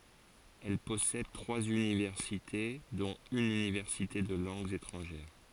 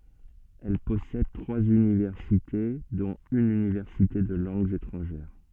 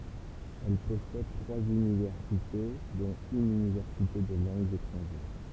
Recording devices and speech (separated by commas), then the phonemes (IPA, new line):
forehead accelerometer, soft in-ear microphone, temple vibration pickup, read sentence
ɛl pɔsɛd tʁwaz ynivɛʁsite dɔ̃t yn ynivɛʁsite də lɑ̃ɡz etʁɑ̃ʒɛʁ